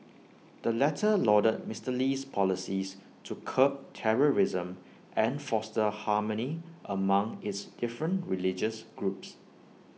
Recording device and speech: mobile phone (iPhone 6), read sentence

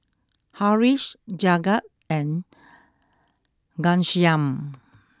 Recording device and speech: close-talking microphone (WH20), read sentence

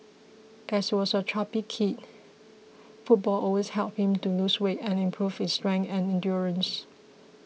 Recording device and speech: mobile phone (iPhone 6), read sentence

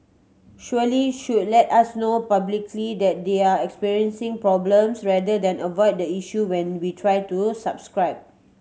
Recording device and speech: mobile phone (Samsung C7100), read sentence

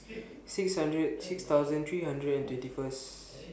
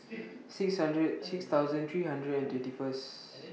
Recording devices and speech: boundary microphone (BM630), mobile phone (iPhone 6), read sentence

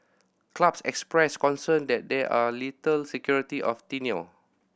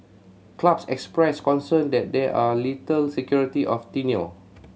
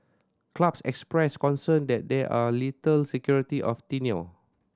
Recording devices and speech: boundary microphone (BM630), mobile phone (Samsung C7100), standing microphone (AKG C214), read sentence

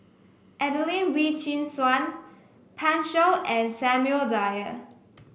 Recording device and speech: boundary microphone (BM630), read sentence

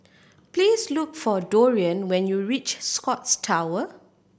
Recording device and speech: boundary microphone (BM630), read sentence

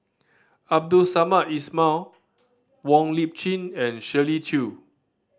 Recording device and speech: standing microphone (AKG C214), read sentence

